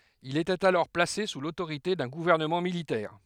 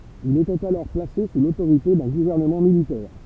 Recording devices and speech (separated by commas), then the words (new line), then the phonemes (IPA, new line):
headset microphone, temple vibration pickup, read sentence
Il était alors placé sous l'autorité d'un gouvernement militaire.
il etɛt alɔʁ plase su lotoʁite dœ̃ ɡuvɛʁnəmɑ̃ militɛʁ